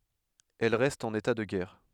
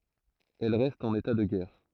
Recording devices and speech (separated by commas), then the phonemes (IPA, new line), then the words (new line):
headset microphone, throat microphone, read sentence
ɛl ʁɛst ɑ̃n eta də ɡɛʁ
Elle reste en état de guerre.